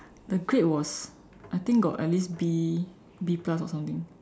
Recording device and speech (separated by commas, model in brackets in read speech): standing microphone, conversation in separate rooms